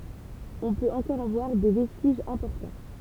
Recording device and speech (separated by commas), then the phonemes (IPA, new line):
temple vibration pickup, read sentence
ɔ̃ pøt ɑ̃kɔʁ ɑ̃ vwaʁ de vɛstiʒz ɛ̃pɔʁtɑ̃